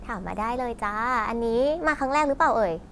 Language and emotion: Thai, neutral